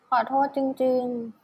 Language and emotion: Thai, sad